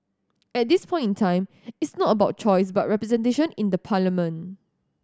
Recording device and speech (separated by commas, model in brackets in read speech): standing microphone (AKG C214), read sentence